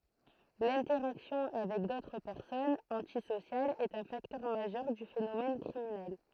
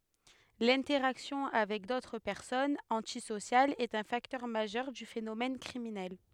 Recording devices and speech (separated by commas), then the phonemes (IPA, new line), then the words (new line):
throat microphone, headset microphone, read sentence
lɛ̃tɛʁaksjɔ̃ avɛk dotʁ pɛʁsɔnz ɑ̃tisosjalz ɛt œ̃ faktœʁ maʒœʁ dy fenomɛn kʁiminɛl
L’interaction avec d'autres personnes antisociales est un facteur majeur du phénomène criminel.